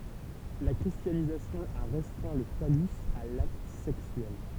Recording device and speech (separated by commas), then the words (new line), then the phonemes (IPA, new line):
temple vibration pickup, read sentence
La christianisation a restreint le phallus à l’acte sexuel.
la kʁistjanizasjɔ̃ a ʁɛstʁɛ̃ lə falys a lakt sɛksyɛl